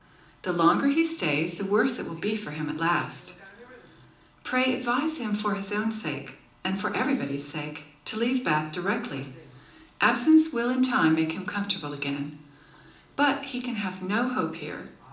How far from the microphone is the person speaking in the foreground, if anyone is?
2.0 m.